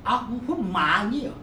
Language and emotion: Thai, angry